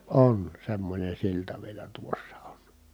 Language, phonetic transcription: Finnish, on , semmońen̬ silta vielä tuossa on .
- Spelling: on semmoinen silta vielä tuossa on

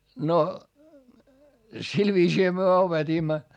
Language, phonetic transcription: Finnish, no , sil viisiihä myö opet́iimma .
- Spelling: no sillä viisiinhän me opetimme

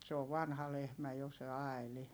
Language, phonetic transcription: Finnish, mut se ov vanha lehmä jo se Ai̮li .
- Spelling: mutta se on vanha lehmä jo se Aili

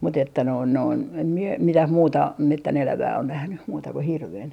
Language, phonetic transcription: Finnish, mut ‿että noin noin , em mie 'mitäh 'muuta , 'mettän₍elävää on nähny , muuta ku 'hirven .
- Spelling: mutta että noin noin en minä mitään muuta metsänelävää ole nähnyt muuta kuin hirven

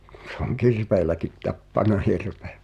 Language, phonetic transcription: Finnish, se ‿oŋ "kirveeläkit 'tappana "hirve .
- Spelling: se on kirveelläkin tappanut hirven

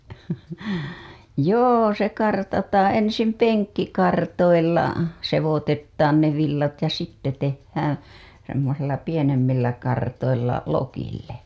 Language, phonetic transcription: Finnish, joo se 'kartataaa̰ ensim "peŋkkikartoilla , sevotettaan ne villat ja sitte tehhäää̰ , semmosilla 'pienemmillä kartoilla , 'lokille .
- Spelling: joo se kartataan ensin penkkikartoilla sekoitetaan ne villat ja sitten tehdään semmoisilla pienemmillä kartoilla lokille

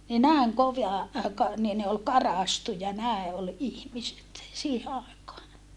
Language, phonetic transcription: Finnish, ni nä̀eŋ kova , ka- , nii ne ol karàstuja nä̀e ʼol ihmiset , siihe àekaa .
- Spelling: niin näin kova - niin ne oli karaistuja näin oli ihmiset siihen aikaan

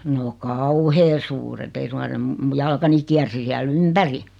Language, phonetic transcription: Finnish, no "kauhee 'suuret 'ei suŋkan̬ 'se m- , mu 'jalkani kiärsi 'siäl "ympäri .
- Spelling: no kauhean suuret ei suinkaan se - minun jalkani kiersi siellä ympäri

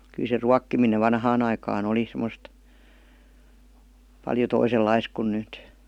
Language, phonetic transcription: Finnish, kyl se 'ruakkiminev "vanhaan ‿aikaa'n ‿oli sem̀°st , paljo 'toisellais kun 'nyt .
- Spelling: kyllä se ruokkiminen vanhaan aikaan oli semmoista paljon toisenlaista kuin nyt

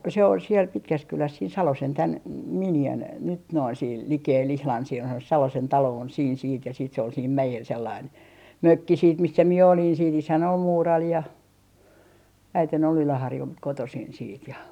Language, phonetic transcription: Finnish, se , se ol siel 'Pitkäskyläs siin "Salosen 'tän , m - 'minjän nyt noin siil 'likeel 'ihlan sielhän ‿on se "Salosen 'taloo on siin siit ja siit se ol siim 'mäjel sellain , "mökki siit missä 'mie olin siit 'isän ‿ol "muural ja , 'äiten ‿ol "Yläharjult kotosin siit ja .
- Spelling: se se oli siellä Pitkässäkylässä siinä Salosen tämän - miniän nyt noin siellä likellä ihan siellähän on se Salosen talo on siinä sitten ja sitten se oli siinä mäellä sellainen mökki sitten missä minä olin sitten isäni oli muurari ja äitini oli Yläharjulta kotoisin sitten ja

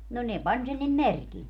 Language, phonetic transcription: Finnish, no 'ne "pań sen nim "merkil .
- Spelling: no ne pani sen niin merkille

